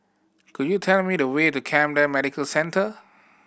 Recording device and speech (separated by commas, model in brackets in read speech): boundary microphone (BM630), read sentence